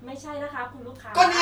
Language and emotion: Thai, neutral